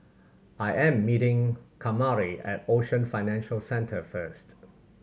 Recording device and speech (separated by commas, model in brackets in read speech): mobile phone (Samsung C7100), read sentence